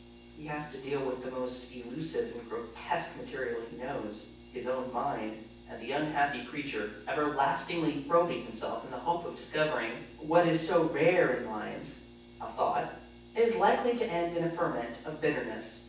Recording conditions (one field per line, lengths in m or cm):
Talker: one person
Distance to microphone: 9.8 m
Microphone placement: far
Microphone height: 1.8 m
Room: large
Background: none